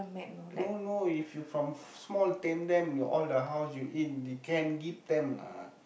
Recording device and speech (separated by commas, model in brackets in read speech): boundary microphone, conversation in the same room